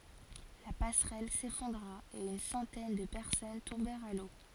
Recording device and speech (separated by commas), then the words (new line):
forehead accelerometer, read sentence
La passerelle s'effondra et une centaine de personnes tombèrent à l'eau.